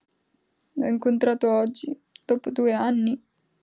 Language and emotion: Italian, sad